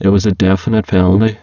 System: VC, spectral filtering